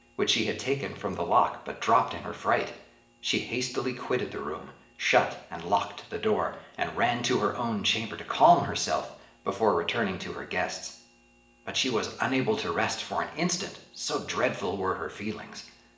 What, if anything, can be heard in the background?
Nothing.